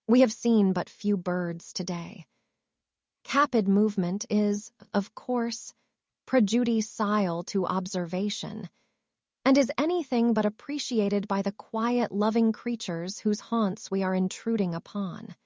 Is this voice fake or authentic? fake